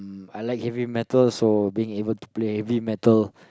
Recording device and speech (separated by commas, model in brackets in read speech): close-talking microphone, conversation in the same room